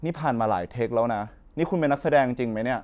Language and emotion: Thai, frustrated